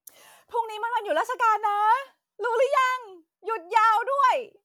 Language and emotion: Thai, happy